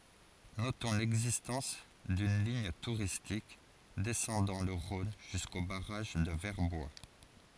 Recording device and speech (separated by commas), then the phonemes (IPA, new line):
forehead accelerometer, read sentence
notɔ̃ lɛɡzistɑ̃s dyn liɲ tuʁistik dɛsɑ̃dɑ̃ lə ʁɔ̃n ʒysko baʁaʒ də vɛʁbwa